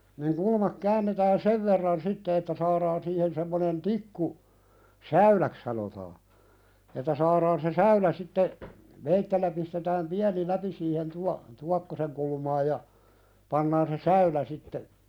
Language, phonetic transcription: Finnish, niŋ "kulmak 'käännetään "sev verran 'sitte että 'saaðaan siihen semmonen "tikku , "säyläk sanotaa , että saaðaan se "säylä sitte , 'veittellä pistetääm "piäni 'läpi siihen tua- , 'tuakkoseŋ kulmaaj ja , 'pannaan se "säylä sitte ,.
- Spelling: niin kulma käännetään sen verran sitten että saadaan siihen semmoinen tikku säyläksi sanotaan että saadaan se säylä sitten veitsellä pistetään pieni läpi siihen - tuokkosen kulmaan ja pannaan se säylä sitten

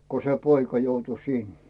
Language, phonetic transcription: Finnish, ko se 'poika joutu "sin .
- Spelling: kun se poika joutui sinne

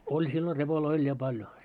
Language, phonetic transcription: Finnish, 'oĺ sillo 'repoloi oĺ ja "paljo .
- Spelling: oli silloin repoja oli ja paljon

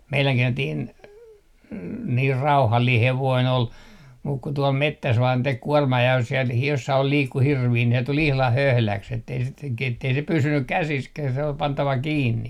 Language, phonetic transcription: Finnish, 'meiläŋki entiin , niir "rauhallii 'hevoin ol , muk ku 'tuol 'mettäs vaan tek 'kuɔrmaa ja jos siel (hir-) 'jossail 'liikku "hirvii ne tul ihlah "höhläks ettei sit (k-oik-) ettei se 'pysynnyk "käsiskäh se ol 'pantava "kiinni .
- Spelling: meidänkin entinen niin rauhallinen hevonen oli mutta kun tuolla metsässä vain teki kuormaa ja jos siellä - jossakin liikkui hirviä ne tuli ihan höhläksi että ei sitten - että ei se pysynyt käsissäkään se oli pantava kiinni

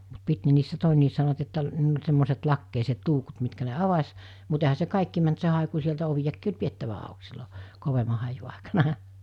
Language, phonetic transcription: Finnish, mut 'pit ne niissä 'tòenniis sanovat että , niil ‿oĺ semmoset 'lakkeiset 'luukut mitkä ne "avas , mut ehä se 'kàikki mänt se hàeku sieltä ovijakkii oĺ 'piettävä àuk sillo , 'kovema haiju àikana .
- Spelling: mutta piti ne niissä todenkin sanovat että niillä oli semmoiset lakeiset luukut mitkä ne avasi mutta eihän se kaikki mennyt se haiku sieltä oviakin oli pidettävä auki silloin kovemman haiun aikana

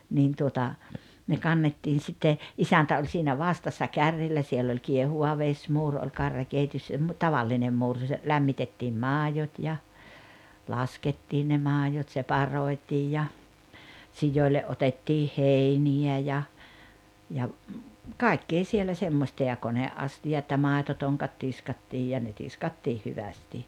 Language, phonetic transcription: Finnish, 'niin tuota , ne 'kannetiin̬ sitte , 'isäntä oĺ siinä "vastassa "karrilla siell ‿oĺ 'kiehuʷa 'veśmuur oĺ 'karjakèittⁱös- mu- , "tavallinem 'muur (jossa) , 'lämmitettiim "maajot ja , "laskettiin ne 'maajot 'separoi̬tiij ja , 'sijòile ’otettii "hèini₍ä ja , ja , "kài̬k-kee 'sielä 'semmośta ja "kone’’asti₍at ja "màetotoŋkat 'tiskattiij ja ne "tiskattiih 'hyvästi .
- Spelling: niin tuota ne kannettiin sitten isäntä oli siinä vastassa kärrillä siellä oli kiehuva vesimuuri oli karjakeittössä - tavallinen muuri jossa lämmitettiin maidot ja laskettiin ne maidot separoitiin ja sioille otettiin heiniä ja ja kaikkea siellä semmoista ja koneastiat ja maitotonkat tiskattiin ja ne tiskattiin hyvästi

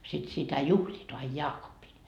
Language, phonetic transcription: Finnish, sit sitä "juhliit ai "jaakoppin .
- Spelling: sitten sitä juhlivat aina jaakoppina

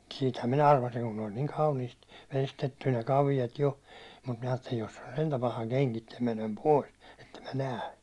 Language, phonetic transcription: Finnish, siithäm minä 'arvasiŋ kun ne oĺ niiŋ 'kauniist 'vestetty ne 'kavijat jo , mut miɴᴀ̈ aattelin että jos se on 'sentä "paha 'keŋkittä menem "pòis , ettem mä "nää .
- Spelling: siitähän minä arvasin kun ne oli niin kauniisti veistetty ne kaviot jo mutta minä ajattelin että jos se on sentään paha kengittää menen pois että en minä näe

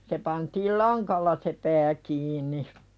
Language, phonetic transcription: Finnish, se pantiil "laŋkalla se "pää kiiǹi .
- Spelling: se pantiin langalla se pää kiinni

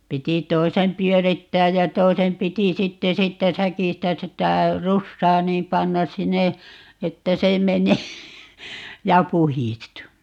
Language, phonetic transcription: Finnish, 'piti "toisem "pyörittääj ja "toisem 'piti 'sitte 'siittä "säkistä 'sitä "russaa 'niim "pannas̆ 'sinne , 'että se 'menee , 'ja "puhistu .
- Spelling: piti toisen pyörittää ja toisen piti sitten siitä säkistä sitä rusaa niin panna sinne että se menee ja puhdistuu

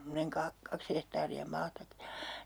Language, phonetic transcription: Finnish, 'se on̬ semmonenŋ 'ka- , 'kaks hehtaari₍a 'maataki (ja) ,.
- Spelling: se on semmoinen - kaksi hehtaaria maatakin ja

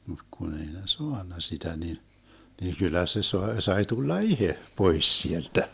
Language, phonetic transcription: Finnish, mut kun ‿ei ne "soanna 'sitä ni , ni 'kyllä se soe- 'sai 'tulla "ihe , 'pois 'sieltä .
- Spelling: mutta kun ei ne saanut sitä niin niin kyllä se - sai tulla itse pois sieltä

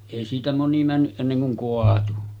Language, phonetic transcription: Finnish, èi siitä 'moni männyˀ 'ˀenneŋ kuŋ 'koatu .
- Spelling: ei siitä moni mennyt ennen kuin kaatui

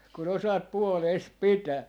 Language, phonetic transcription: Finnish, ku'n ‿osaat "puolees "pitää .
- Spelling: kun osaat puolesi pitää

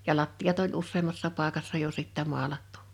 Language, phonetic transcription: Finnish, ja 'lattiʲat ‿oĺ 'usseemmassà 'pàᵉkassa jo 'sittä 'moalattᴜ .
- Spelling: ja lattiat oli useammassakin paikassa jo sitten maalattu

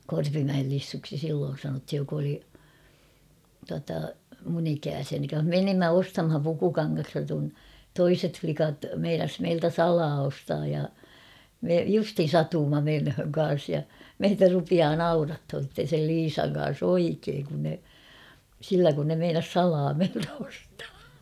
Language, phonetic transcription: Finnish, 'Korpimäel Lissuksi 'silloon̬ sanothij jok ‿oli , tuata , mun ‿'ikääsiäni "menimmä 'ostamhan pukukaŋŋasta kun , "toiset 'flikat 'meinas meiltä "salaa ostaaj ja , me 'justhin "satuumma 'menhöŋ 'kan̬s ja , 'meitä rupiaa "naurathon̬ sitten̬ sel 'Liisaŋ kan̬s ‿"oikeeŋ kun ne , 'sillä kun ne 'meinas "salaa meiltä ostaa .
- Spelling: Korpimäen Lissuksi silloin sanottiin joka oli tuota minun ikäisiäni menimme ostamaan pukukangasta kun toiset likat meinasi meiltä salaa ostaa ja me justiin satuimme menemään kanssa ja meitä rupeaa naurattamaan sitten sen Liisan kanssa oikein kun ne sillä kun ne meinasi salaa meiltä ostaa

